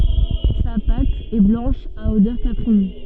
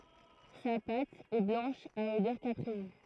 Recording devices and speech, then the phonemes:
soft in-ear microphone, throat microphone, read sentence
sa pat ɛ blɑ̃ʃ a odœʁ kapʁin

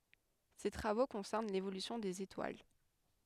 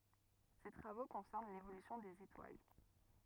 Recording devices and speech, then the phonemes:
headset microphone, rigid in-ear microphone, read sentence
se tʁavo kɔ̃sɛʁn levolysjɔ̃ dez etwal

